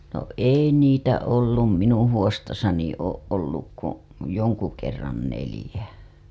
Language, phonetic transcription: Finnish, no "ei 'niitä ollum 'minuṵ huostasani ooˀ ˀolluk ku , 'joŋku kerran 'nelĭjä .
- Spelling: no ei niitä ollut minun huostassani ole ollut kuin jonkun kerran neljä

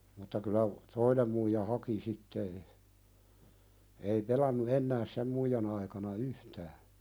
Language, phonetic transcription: Finnish, mutta kyllä , 'toinem muija "haki sitte e- , ei 'pelannu "ennää 'sem muijan ‿aikana "yhtää .
- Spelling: mutta kyllä toinen muija haki sitten - ei pelannut enää sen muijan aikana yhtään

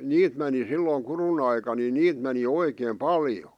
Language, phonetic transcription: Finnish, 'niit meni silloⁱŋ kurun ‿aika ni "niit meni "oikeem "paljo .
- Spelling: niitä meni silloin kudun aikaan niin niitä meni oikein paljon

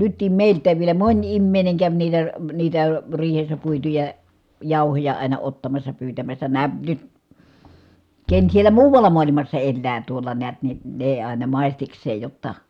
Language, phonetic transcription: Finnish, nyttim mèilt̆tääv vielä moń immèi̮ne käv niitä , niitä , riihessä puituja , jàuhoja àina ottamassa pyytämässä nää , nyt , ken sielä muuval̀a mualimassa ellää tuol̆la neät ni , nè ài̮na màistiks̀eej jotta ,.
- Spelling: nytkin meiltäkin vielä moni ihminen kävi niitä niitä riihessä puituja jauhoja aina ottamassa pyytämässä nämä nyt ken siellä muualla maailmassa elää tuolla näet niin ne aina maistikseen jotta

